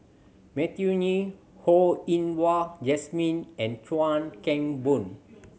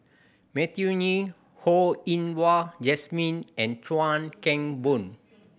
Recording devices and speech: mobile phone (Samsung C7100), boundary microphone (BM630), read sentence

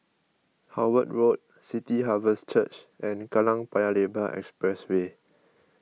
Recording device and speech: mobile phone (iPhone 6), read sentence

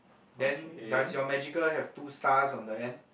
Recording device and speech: boundary microphone, conversation in the same room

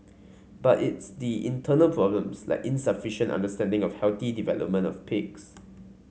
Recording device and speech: mobile phone (Samsung C5), read sentence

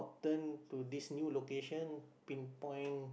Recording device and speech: boundary microphone, conversation in the same room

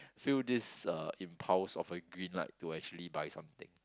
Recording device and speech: close-talking microphone, conversation in the same room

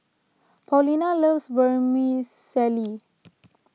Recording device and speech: mobile phone (iPhone 6), read sentence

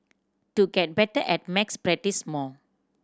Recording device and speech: standing microphone (AKG C214), read sentence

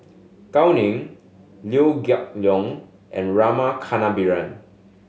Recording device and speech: mobile phone (Samsung S8), read sentence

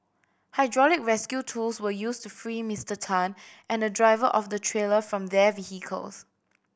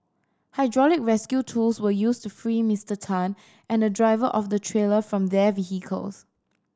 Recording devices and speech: boundary microphone (BM630), standing microphone (AKG C214), read sentence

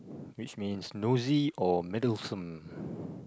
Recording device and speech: close-talking microphone, conversation in the same room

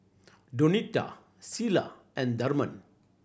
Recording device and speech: boundary microphone (BM630), read sentence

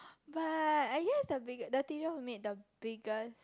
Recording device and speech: close-talking microphone, conversation in the same room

